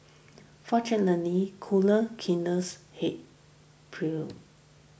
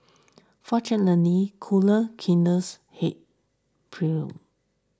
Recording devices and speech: boundary microphone (BM630), standing microphone (AKG C214), read sentence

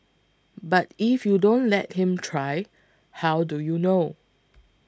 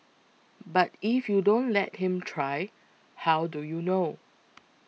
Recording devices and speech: close-talking microphone (WH20), mobile phone (iPhone 6), read sentence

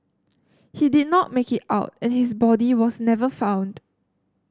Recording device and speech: standing microphone (AKG C214), read sentence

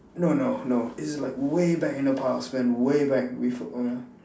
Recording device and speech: standing microphone, conversation in separate rooms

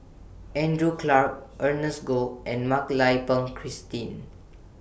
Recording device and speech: boundary microphone (BM630), read sentence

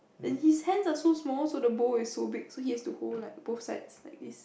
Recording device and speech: boundary microphone, conversation in the same room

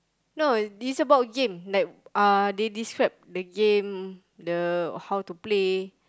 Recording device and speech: close-talking microphone, conversation in the same room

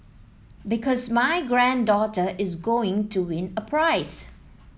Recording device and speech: mobile phone (iPhone 7), read sentence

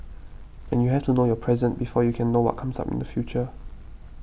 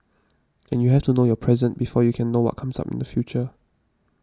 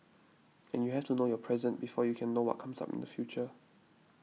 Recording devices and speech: boundary microphone (BM630), standing microphone (AKG C214), mobile phone (iPhone 6), read sentence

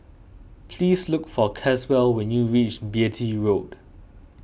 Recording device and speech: boundary microphone (BM630), read sentence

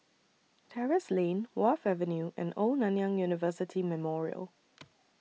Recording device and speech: mobile phone (iPhone 6), read sentence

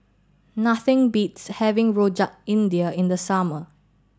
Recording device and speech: standing microphone (AKG C214), read sentence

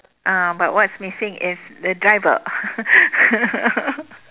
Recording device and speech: telephone, conversation in separate rooms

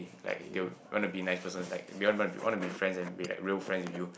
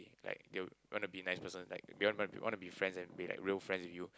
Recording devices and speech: boundary microphone, close-talking microphone, conversation in the same room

